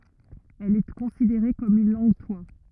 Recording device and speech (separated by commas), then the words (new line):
rigid in-ear microphone, read sentence
Elle est considérée comme une langue-toit.